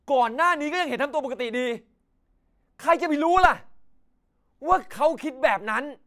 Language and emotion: Thai, angry